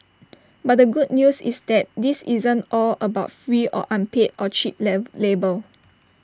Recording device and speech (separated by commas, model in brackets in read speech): standing microphone (AKG C214), read sentence